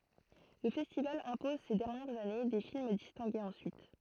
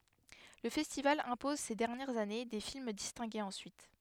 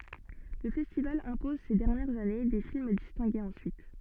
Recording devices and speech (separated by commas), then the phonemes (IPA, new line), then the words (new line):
throat microphone, headset microphone, soft in-ear microphone, read sentence
lə fɛstival ɛ̃pɔz se dɛʁnjɛʁz ane de film distɛ̃ɡez ɑ̃syit
Le festival impose ces dernières années des films distingués ensuite.